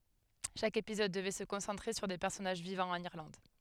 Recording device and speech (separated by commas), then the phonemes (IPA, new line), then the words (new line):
headset microphone, read sentence
ʃak epizɔd dəvɛ sə kɔ̃sɑ̃tʁe syʁ de pɛʁsɔnaʒ vivɑ̃ ɑ̃n iʁlɑ̃d
Chaque épisode devait se concentrer sur des personnages vivant en Irlande.